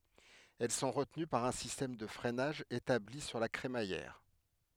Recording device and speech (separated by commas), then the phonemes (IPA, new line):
headset microphone, read sentence
ɛl sɔ̃ ʁətəny paʁ œ̃ sistɛm də fʁɛnaʒ etabli syʁ la kʁemajɛʁ